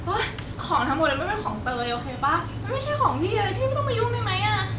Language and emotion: Thai, frustrated